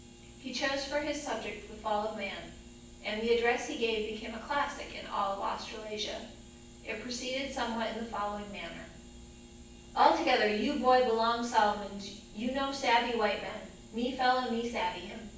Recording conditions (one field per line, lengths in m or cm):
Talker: one person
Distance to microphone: 9.8 m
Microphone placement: far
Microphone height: 1.8 m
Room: large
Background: none